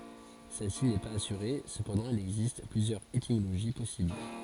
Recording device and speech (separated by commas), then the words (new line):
forehead accelerometer, read sentence
Celle-ci n'est pas assurée, cependant il existe plusieurs étymologies possibles.